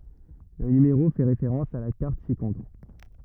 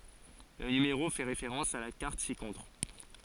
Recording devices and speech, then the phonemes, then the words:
rigid in-ear microphone, forehead accelerometer, read sentence
lə nymeʁo fɛ ʁefeʁɑ̃s a la kaʁt sikɔ̃tʁ
Le numéro fait référence à la carte ci-contre.

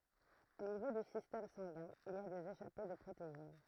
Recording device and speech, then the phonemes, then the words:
throat microphone, read sentence
o nivo dy sistɛm sɑ̃ɡɛ̃ il i a dez eʃape də pʁotein
Au niveau du système sanguin, il y a des échappées de protéines.

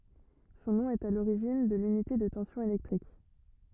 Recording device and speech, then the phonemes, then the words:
rigid in-ear microphone, read sentence
sɔ̃ nɔ̃ ɛt a loʁiʒin də lynite də tɑ̃sjɔ̃ elɛktʁik
Son nom est à l'origine de l'unité de tension électrique.

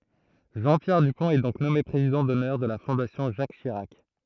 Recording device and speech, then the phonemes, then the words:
throat microphone, read sentence
ʒɑ̃ pjɛʁ dypɔ̃t ɛ dɔ̃k nɔme pʁezidɑ̃ dɔnœʁ də la fɔ̃dasjɔ̃ ʒak ʃiʁak
Jean-Pierre Dupont est donc nommé président d'honneur de la Fondation Jacques Chirac.

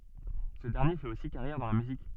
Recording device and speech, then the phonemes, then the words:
soft in-ear microphone, read sentence
sə dɛʁnje fɛt osi kaʁjɛʁ dɑ̃ la myzik
Ce dernier fait aussi carrière dans la musique.

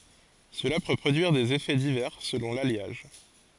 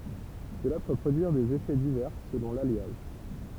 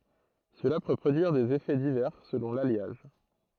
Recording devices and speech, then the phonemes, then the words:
forehead accelerometer, temple vibration pickup, throat microphone, read sentence
səla pø pʁodyiʁ dez efɛ divɛʁ səlɔ̃ laljaʒ
Cela peut produire des effets divers selon l'alliage.

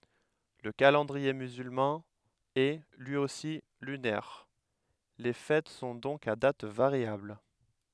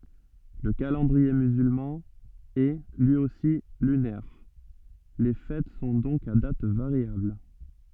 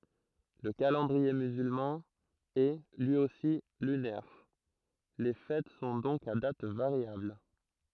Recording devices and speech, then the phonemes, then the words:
headset microphone, soft in-ear microphone, throat microphone, read sentence
lə kalɑ̃dʁie myzylmɑ̃ ɛ lyi osi lynɛʁ le fɛt sɔ̃ dɔ̃k a dat vaʁjabl
Le calendrier musulman est, lui aussi, lunaire, les fêtes sont donc à date variable.

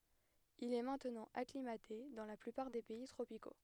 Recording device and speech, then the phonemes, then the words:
headset microphone, read sentence
il ɛ mɛ̃tnɑ̃ aklimate dɑ̃ la plypaʁ de pɛi tʁopiko
Il est maintenant acclimaté dans la plupart des pays tropicaux.

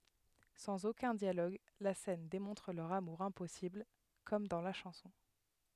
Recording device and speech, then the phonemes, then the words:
headset microphone, read sentence
sɑ̃z okœ̃ djaloɡ la sɛn demɔ̃tʁ lœʁ amuʁ ɛ̃pɔsibl kɔm dɑ̃ la ʃɑ̃sɔ̃
Sans aucun dialogue, la scène démontre leur amour impossible… comme dans la chanson.

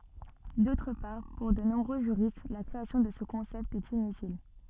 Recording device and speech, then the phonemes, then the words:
soft in-ear microphone, read sentence
dotʁ paʁ puʁ də nɔ̃bʁø ʒyʁist la kʁeasjɔ̃ də sə kɔ̃sɛpt ɛt inytil
D'autre part, pour de nombreux juristes, la création de ce concept est inutile.

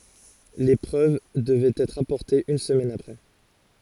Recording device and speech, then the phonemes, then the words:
forehead accelerometer, read sentence
le pʁøv dəvɛt ɛtʁ apɔʁtez yn səmɛn apʁɛ
Les preuves devaient être apportées une semaine après.

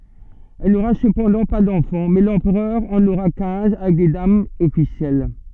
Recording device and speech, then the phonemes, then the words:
soft in-ear microphone, read sentence
ɛl noʁa səpɑ̃dɑ̃ pa dɑ̃fɑ̃ mɛ lɑ̃pʁœʁ ɑ̃n oʁa kɛ̃z avɛk de damz ɔfisjɛl
Elle n'aura cependant pas d'enfants, mais l'empereur en aura quinze avec des dames officielles.

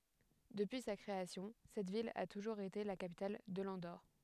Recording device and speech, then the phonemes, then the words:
headset microphone, read sentence
dəpyi sa kʁeasjɔ̃ sɛt vil a tuʒuʁz ete la kapital də lɑ̃doʁ
Depuis sa création, cette ville a toujours été la capitale de l'Andorre.

